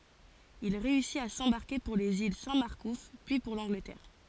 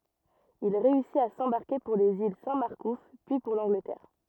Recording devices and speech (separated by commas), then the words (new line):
forehead accelerometer, rigid in-ear microphone, read sentence
Il réussit à s'embarquer pour les îles Saint-Marcouf, puis pour l'Angleterre.